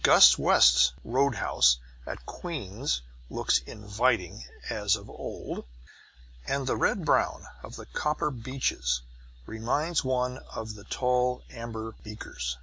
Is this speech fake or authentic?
authentic